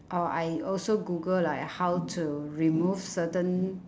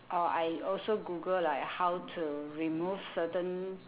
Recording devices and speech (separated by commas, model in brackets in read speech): standing microphone, telephone, conversation in separate rooms